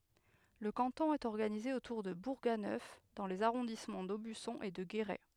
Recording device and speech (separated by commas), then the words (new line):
headset microphone, read sentence
Le canton est organisé autour de Bourganeuf dans les arrondissements d'Aubusson et de Guéret.